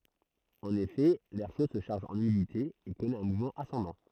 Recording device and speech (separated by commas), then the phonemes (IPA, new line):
throat microphone, read sentence
ɑ̃n efɛ lɛʁ ʃo sə ʃaʁʒ ɑ̃n ymidite e kɔnɛt œ̃ muvmɑ̃ asɑ̃dɑ̃